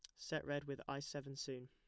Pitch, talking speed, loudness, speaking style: 140 Hz, 245 wpm, -46 LUFS, plain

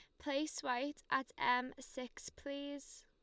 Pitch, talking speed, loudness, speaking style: 265 Hz, 125 wpm, -41 LUFS, Lombard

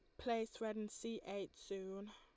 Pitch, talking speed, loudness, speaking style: 210 Hz, 185 wpm, -46 LUFS, Lombard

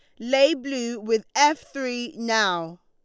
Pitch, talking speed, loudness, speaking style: 240 Hz, 140 wpm, -23 LUFS, Lombard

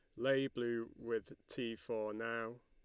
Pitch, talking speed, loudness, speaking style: 115 Hz, 150 wpm, -41 LUFS, Lombard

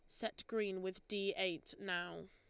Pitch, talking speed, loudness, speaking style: 190 Hz, 170 wpm, -42 LUFS, Lombard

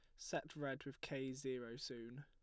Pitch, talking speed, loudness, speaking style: 130 Hz, 175 wpm, -47 LUFS, plain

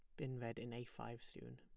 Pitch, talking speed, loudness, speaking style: 120 Hz, 265 wpm, -50 LUFS, plain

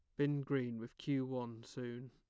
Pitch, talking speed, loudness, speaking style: 130 Hz, 190 wpm, -41 LUFS, plain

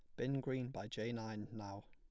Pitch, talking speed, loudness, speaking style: 110 Hz, 215 wpm, -44 LUFS, plain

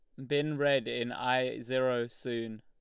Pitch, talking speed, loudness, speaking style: 125 Hz, 155 wpm, -32 LUFS, Lombard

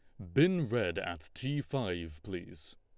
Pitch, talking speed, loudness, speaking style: 95 Hz, 150 wpm, -34 LUFS, Lombard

